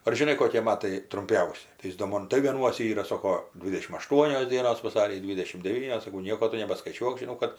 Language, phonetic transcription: Lithuanian, ar žiˈnai koˈkie ˈmatai trumˈpiausi tai ˈjis do ˈmon tai ˈvienuose ˈyra ˈsoko ˈdvidešim aˈštuonios ˈdienos vaˈsary ˈdvidešim deˈvynios saˈkau ˈnieko ˈtu nebaskaiˈčiuok žiˈnau kad

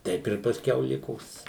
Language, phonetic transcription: Lithuanian, ˈteip ir pasˈkiau ˈlikos

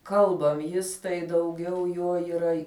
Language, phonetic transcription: Lithuanian, ˈkalbam ˈjis tai dauˈgiau ˈjo yˈra

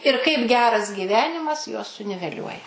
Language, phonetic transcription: Lithuanian, ir kaip ˈgeras gyˈvenimas juos suniveˈliuoja

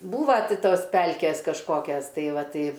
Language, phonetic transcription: Lithuanian, ˈbūva ˈti ˈtos ˈpelkės kažˈkokias ˈtai ˈva ˈtai

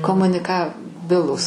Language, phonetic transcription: Lithuanian, komuniˈkaˌbilūs

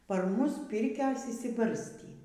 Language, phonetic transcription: Lithuanian, par ˈmus ˈpirkios išsiˈbarstį

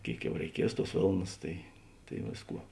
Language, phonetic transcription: Lithuanian, ˈkėik ˈjau reiˈkies ˈtuos ˈvėlnas tai tai ˈvėsˌkuo

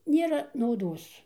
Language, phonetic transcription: Lithuanian, ˈnėra nauˈdos

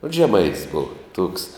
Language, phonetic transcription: Lithuanian, ot žeˈmaitis ˈbova tuoks

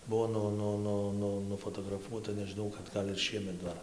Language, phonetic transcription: Lithuanian, ˈbuvo ˈnu ˈnu ˈnu ˈnu nufotograˈfuota nežiˈnau kad ˈgal' ir ˈšiemet ˈdar

